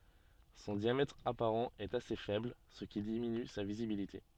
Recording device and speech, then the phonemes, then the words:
soft in-ear microphone, read sentence
sɔ̃ djamɛtʁ apaʁɑ̃ ɛt ase fɛbl sə ki diminy sa vizibilite
Son diamètre apparent est assez faible, ce qui diminue sa visibilité.

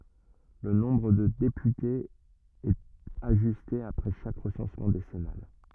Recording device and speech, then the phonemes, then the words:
rigid in-ear microphone, read sentence
lə nɔ̃bʁ də depytez ɛt aʒyste apʁɛ ʃak ʁəsɑ̃smɑ̃ desɛnal
Le nombre de députés est ajusté après chaque recensement décennal.

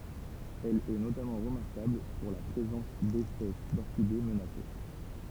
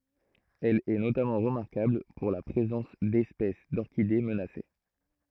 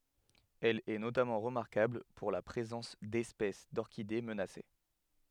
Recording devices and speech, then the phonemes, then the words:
temple vibration pickup, throat microphone, headset microphone, read sentence
ɛl ɛ notamɑ̃ ʁəmaʁkabl puʁ la pʁezɑ̃s dɛspɛs dɔʁkide mənase
Elle est notamment remarquable pour la présence d'espèces d'orchidées menacées.

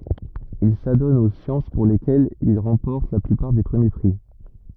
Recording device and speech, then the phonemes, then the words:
rigid in-ear microphone, read sentence
il sadɔn o sjɑ̃s puʁ lekɛlz il ʁɑ̃pɔʁt la plypaʁ de pʁəmje pʁi
Il s'adonne aux sciences pour lesquelles il remporte la plupart des premiers prix.

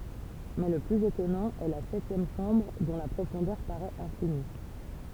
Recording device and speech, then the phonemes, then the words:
temple vibration pickup, read sentence
mɛ lə plyz etɔnɑ̃ ɛ la sɛtjɛm ʃɑ̃bʁ dɔ̃ la pʁofɔ̃dœʁ paʁɛt ɛ̃fini
Mais le plus étonnant est la septième chambre, dont la profondeur paraît infinie.

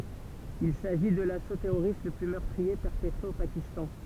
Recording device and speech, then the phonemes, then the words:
temple vibration pickup, read sentence
il saʒi də laso tɛʁoʁist lə ply mœʁtʁie pɛʁpətʁe o pakistɑ̃
Il s'agit de l'assaut terroriste le plus meurtrier perpetré au Pakistan.

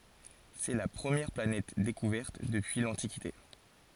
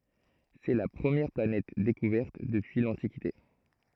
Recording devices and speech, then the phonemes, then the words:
forehead accelerometer, throat microphone, read sentence
sɛ la pʁəmjɛʁ planɛt dekuvɛʁt dəpyi lɑ̃tikite
C'est la première planète découverte depuis l'Antiquité.

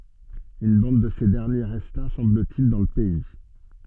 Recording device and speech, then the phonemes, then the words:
soft in-ear microphone, read sentence
yn bɑ̃d də se dɛʁnje ʁɛsta sɑ̃blətil dɑ̃ lə pɛi
Une bande de ces derniers resta, semble-t-il, dans le pays.

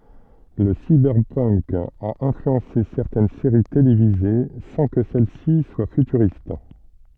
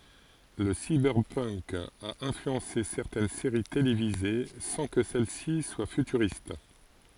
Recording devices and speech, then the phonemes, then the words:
soft in-ear microphone, forehead accelerometer, read sentence
lə sibɛʁpənk a ɛ̃flyɑ̃se sɛʁtɛn seʁi televize sɑ̃ kə sɛl si swa fytyʁist
Le cyberpunk a influencé certaines séries télévisées sans que celles-ci soient futuristes.

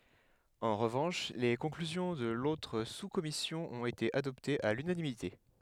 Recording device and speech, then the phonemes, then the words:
headset microphone, read sentence
ɑ̃ ʁəvɑ̃ʃ le kɔ̃klyzjɔ̃ də lotʁ suskɔmisjɔ̃ ɔ̃t ete adɔptez a lynanimite
En revanche, les conclusions de l'autre sous-commission ont été adoptées à l'unanimité.

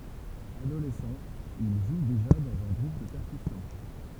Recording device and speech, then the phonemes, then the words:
temple vibration pickup, read sentence
adolɛsɑ̃ il ʒu deʒa dɑ̃z œ̃ ɡʁup də pɛʁkysjɔ̃
Adolescent, il joue déjà dans un groupe de percussions.

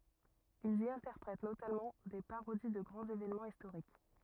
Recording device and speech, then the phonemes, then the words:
rigid in-ear microphone, read sentence
ilz i ɛ̃tɛʁpʁɛt notamɑ̃ de paʁodi də ɡʁɑ̃z evenmɑ̃z istoʁik
Ils y interprètent notamment des parodies de grands événements historiques.

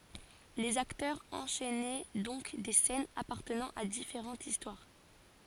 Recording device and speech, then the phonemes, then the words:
forehead accelerometer, read sentence
lez aktœʁz ɑ̃ʃɛnɛ dɔ̃k de sɛnz apaʁtənɑ̃ a difeʁɑ̃tz istwaʁ
Les acteurs enchainaient donc des scènes appartenant à différentes histoires.

